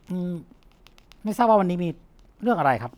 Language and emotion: Thai, neutral